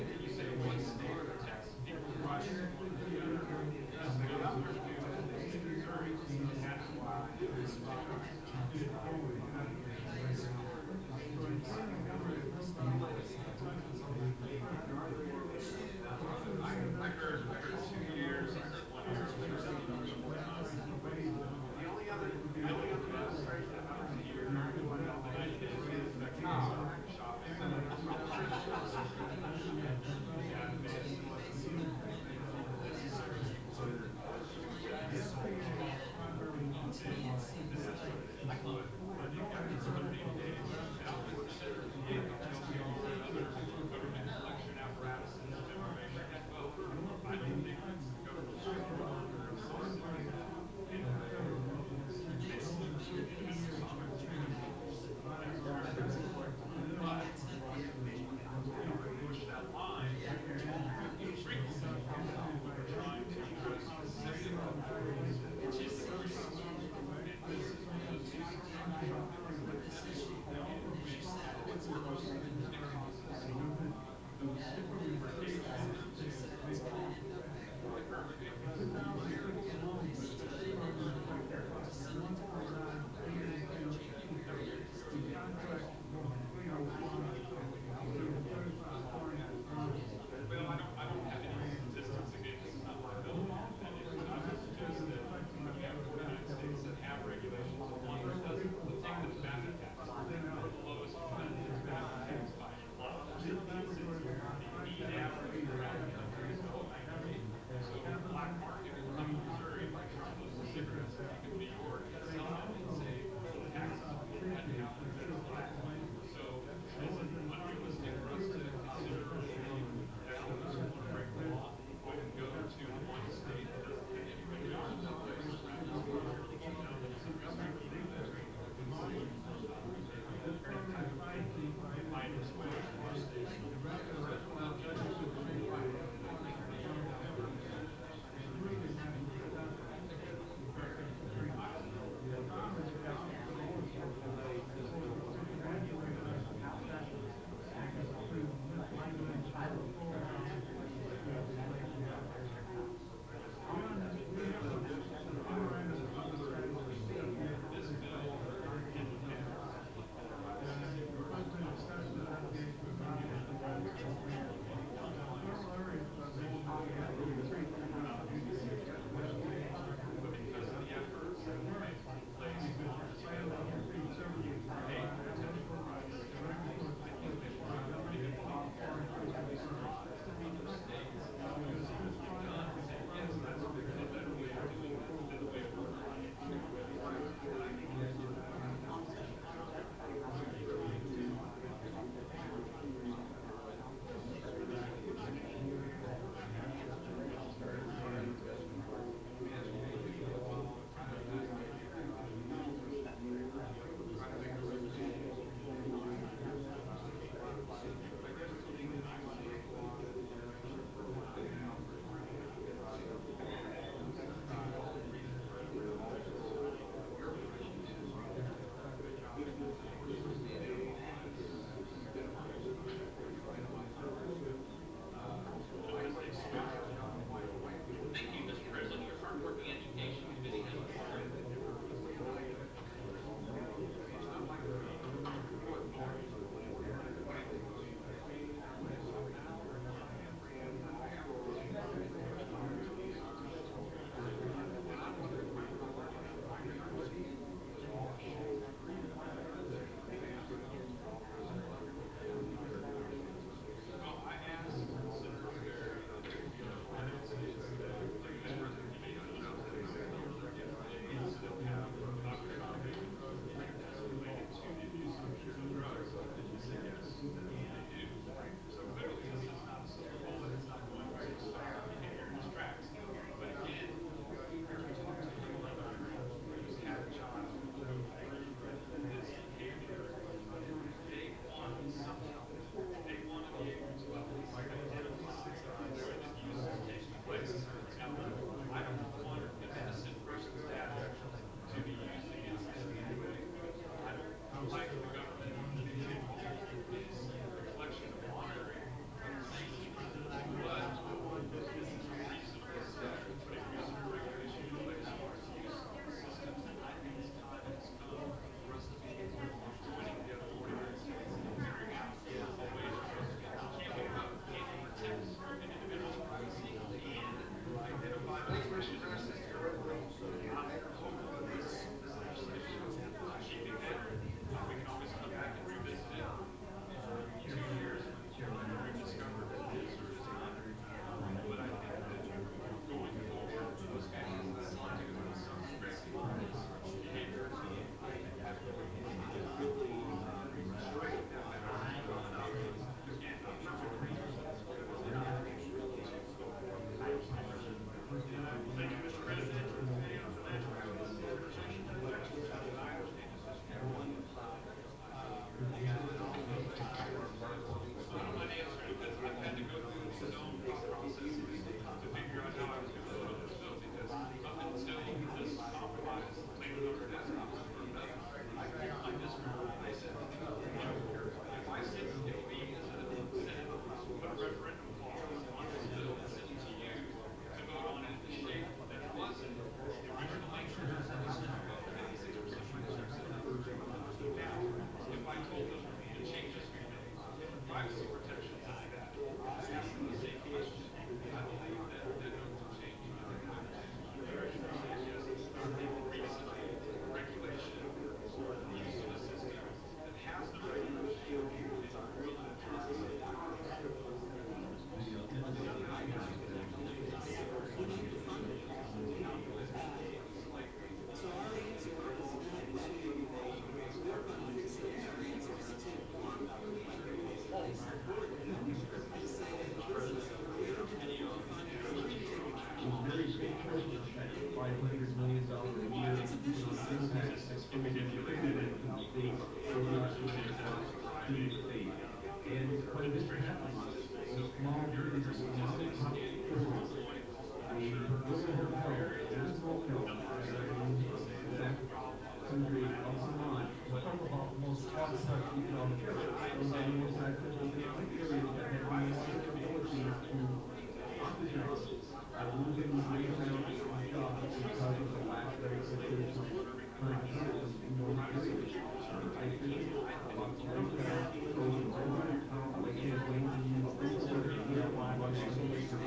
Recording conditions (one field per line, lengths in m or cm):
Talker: no one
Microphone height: 99 cm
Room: medium-sized (5.7 m by 4.0 m)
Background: babble